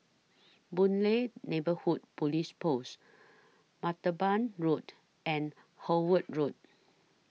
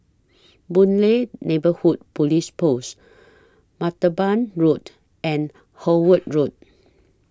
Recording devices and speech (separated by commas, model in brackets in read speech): mobile phone (iPhone 6), standing microphone (AKG C214), read sentence